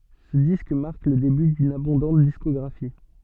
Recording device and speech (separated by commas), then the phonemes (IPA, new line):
soft in-ear microphone, read sentence
sə disk maʁk lə deby dyn abɔ̃dɑ̃t diskɔɡʁafi